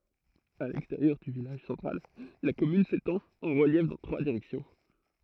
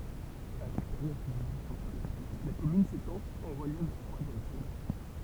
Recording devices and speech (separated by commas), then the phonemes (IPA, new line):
throat microphone, temple vibration pickup, read sentence
a lɛksteʁjœʁ dy vilaʒ sɑ̃tʁal la kɔmyn setɑ̃t ɑ̃ ʁəljɛf dɑ̃ tʁwa diʁɛksjɔ̃